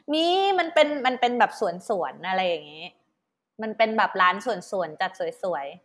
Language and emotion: Thai, happy